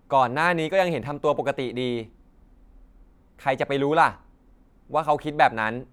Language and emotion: Thai, neutral